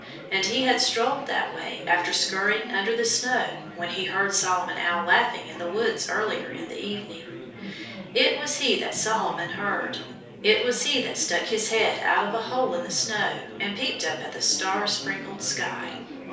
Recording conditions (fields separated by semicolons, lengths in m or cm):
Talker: one person; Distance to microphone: 3.0 m; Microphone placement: far; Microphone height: 1.8 m; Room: small (3.7 m by 2.7 m); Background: babble